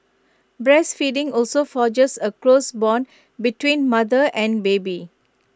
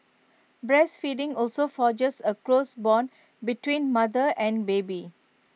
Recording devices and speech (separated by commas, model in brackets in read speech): close-talking microphone (WH20), mobile phone (iPhone 6), read sentence